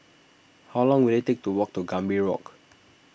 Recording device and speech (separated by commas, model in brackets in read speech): boundary microphone (BM630), read sentence